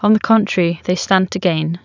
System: none